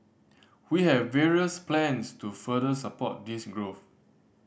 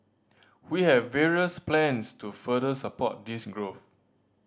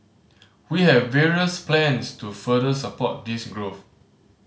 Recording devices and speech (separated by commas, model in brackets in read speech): boundary microphone (BM630), standing microphone (AKG C214), mobile phone (Samsung C5010), read sentence